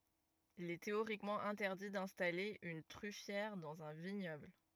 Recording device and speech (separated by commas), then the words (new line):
rigid in-ear microphone, read sentence
Il est théoriquement interdit d'installer une truffière dans un vignoble.